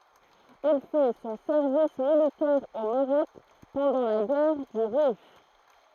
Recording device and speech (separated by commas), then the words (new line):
throat microphone, read sentence
Il fait son service militaire au Maroc pendant la guerre du Rif.